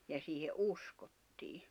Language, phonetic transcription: Finnish, ja siihe '’uskottii .
- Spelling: ja siihen uskottiin

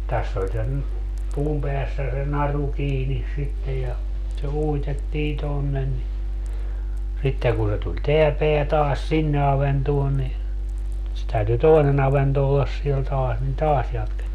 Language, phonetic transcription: Finnish, 'täss ‿oĺ sen , 'puum peässä se 'naru 'kiinis sittej ja , se 'uitettii 'tonnen ni , 'sitteŋ kun se tuĺ "teä 'peä taas 'sinne aventuon ni , se 'täyty "toinen ‿avento ollas siel 'taas nin "taas jatkettii .
- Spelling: tässä oli sen puun päässä se naru kiinni sitten ja se uitettiin tuonne niin sitten kun se tuli tämä pää taas sinne avantoon niin se täytyi toinen avanto olla siellä taas niin taas jatkettiin

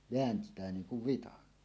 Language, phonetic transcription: Finnish, veänt̀ää 'niin̬ kuv 'vitan .
- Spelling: vääntää niin kuin vitsan

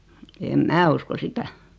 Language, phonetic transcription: Finnish, em "mä usko 'sitä .
- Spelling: en minä usko sitä

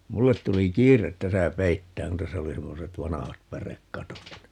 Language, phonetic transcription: Finnish, "mullet 'tuli "kiiret 'täsä "peittääŋ kun 'täsä oli 'semmoset "vanahat "pärek"katot ni .
- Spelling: minulle tuli kiire tässä peittämään kun tässä oli semmoiset vanhat pärekatot niin

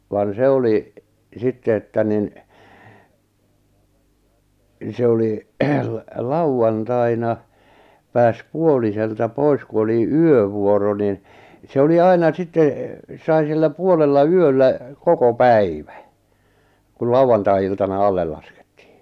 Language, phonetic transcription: Finnish, van 'se oli , 'sitte että nin , 'se oli , l- 'lau₍antaina , pääs 'puoliselta 'pois ku oli "yövuoro nin , 'se oli 'aina 'sit̆te , sai sillä 'puolella "yöllä , 'koko "päivᴀ̈ , kul 'lau₍antai₍iltana 'allel laskᴇttɪɪ .
- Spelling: vaan se oli sitten että niin se oli - lauantaina pääsi puoliselta pois kun oli yövuoro niin se oli aina sitten sai sillä puolella yöllä koko päivän kun lauantai-iltana alle laskettiin

